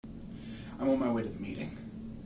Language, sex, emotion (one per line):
English
male
neutral